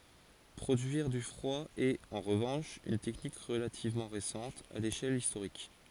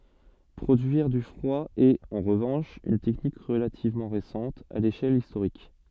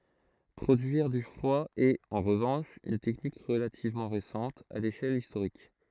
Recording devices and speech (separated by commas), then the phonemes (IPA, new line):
forehead accelerometer, soft in-ear microphone, throat microphone, read sentence
pʁodyiʁ dy fʁwa ɛt ɑ̃ ʁəvɑ̃ʃ yn tɛknik ʁəlativmɑ̃ ʁesɑ̃t a leʃɛl istoʁik